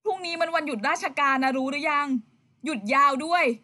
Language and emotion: Thai, happy